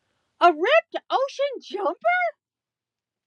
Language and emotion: English, surprised